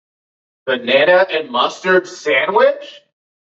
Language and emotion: English, disgusted